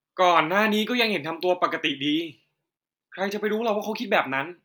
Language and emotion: Thai, frustrated